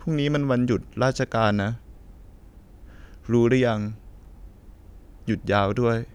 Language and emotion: Thai, sad